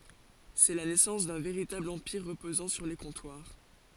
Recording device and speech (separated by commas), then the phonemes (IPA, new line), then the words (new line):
forehead accelerometer, read sentence
sɛ la nɛsɑ̃s dœ̃ veʁitabl ɑ̃piʁ ʁəpozɑ̃ syʁ le kɔ̃twaʁ
C'est la naissance d'un véritable empire reposant sur les comptoirs.